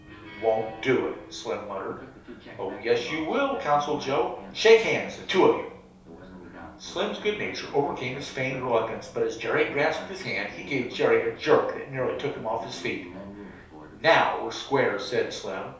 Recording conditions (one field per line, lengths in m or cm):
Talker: one person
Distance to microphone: 3.0 m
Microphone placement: far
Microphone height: 1.8 m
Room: small (3.7 m by 2.7 m)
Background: television